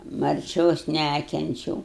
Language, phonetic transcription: Lithuanian, marˈčios ˈnækenčiau

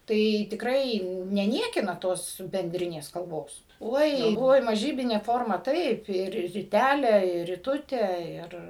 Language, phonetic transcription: Lithuanian, ˈtai tikˈrai neˈniekina ˈtos benˈdrinės kalˈbos ˈoi ˈoi maˈžybine ˈforma ˈtaip ir riˈtæle ir riˈtute ir

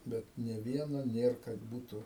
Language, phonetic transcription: Lithuanian, ˈbet ne ˈvieno ˈnėr kad ˈbūtu

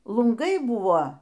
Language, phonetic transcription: Lithuanian, lunˈgai ˈbūvo

